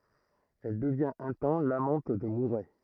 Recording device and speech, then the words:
throat microphone, read sentence
Elle devient un temps l'amante de Mouret.

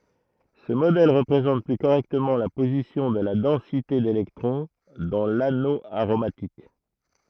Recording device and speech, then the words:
throat microphone, read sentence
Ce modèle représente plus correctement la position de la densité d'électron dans l'anneau aromatique.

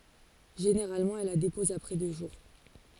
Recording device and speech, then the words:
forehead accelerometer, read sentence
Généralement, elle la dépose après deux jours.

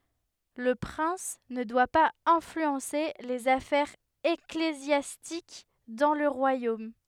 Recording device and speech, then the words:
headset microphone, read sentence
Le prince ne doit pas influencer les affaires ecclésiastiques dans le royaume.

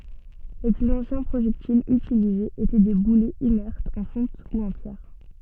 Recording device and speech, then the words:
soft in-ear microphone, read sentence
Les plus anciens projectiles utilisés étaient des boulets inertes en fonte ou en pierre.

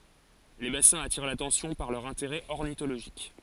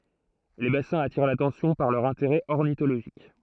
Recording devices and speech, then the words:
forehead accelerometer, throat microphone, read sentence
Les bassins attirent l’attention par leur intérêt ornithologique.

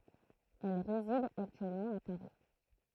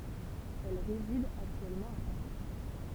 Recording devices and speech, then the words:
throat microphone, temple vibration pickup, read sentence
Elle réside actuellement à Paris.

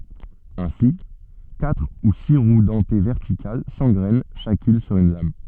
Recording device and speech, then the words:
soft in-ear microphone, read sentence
Ainsi, quatre ou six roues dentées verticales s'engrènent chacune sur une lame.

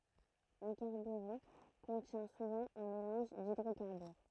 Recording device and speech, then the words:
throat microphone, read sentence
Un carburant contient souvent un mélange d'hydrocarbures.

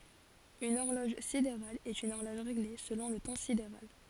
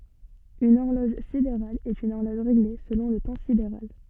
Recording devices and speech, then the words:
forehead accelerometer, soft in-ear microphone, read sentence
Une horloge sidérale est une horloge réglée selon le temps sidéral.

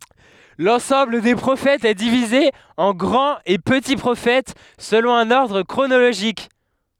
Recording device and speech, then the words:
headset microphone, read sentence
L'ensemble des Prophètes est divisé en grand et petits Prophètes selon un ordre chronologique.

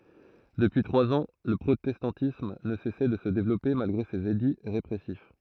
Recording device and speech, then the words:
throat microphone, read sentence
Depuis trois ans, le protestantisme ne cessait de se développer malgré ses édits répressifs.

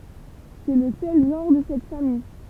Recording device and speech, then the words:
temple vibration pickup, read sentence
C'est le seul genre de cette famille.

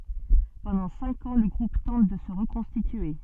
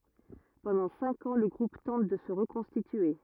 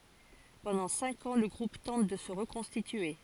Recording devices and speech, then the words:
soft in-ear microphone, rigid in-ear microphone, forehead accelerometer, read sentence
Pendant cinq ans, le groupe tente de se reconstituer.

